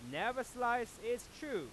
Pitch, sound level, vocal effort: 240 Hz, 100 dB SPL, loud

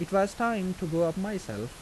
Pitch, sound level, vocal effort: 185 Hz, 84 dB SPL, normal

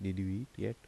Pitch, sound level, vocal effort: 95 Hz, 76 dB SPL, soft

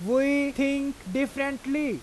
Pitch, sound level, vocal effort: 275 Hz, 93 dB SPL, very loud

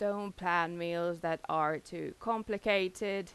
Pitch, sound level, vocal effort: 180 Hz, 88 dB SPL, normal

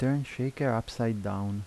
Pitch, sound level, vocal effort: 115 Hz, 80 dB SPL, soft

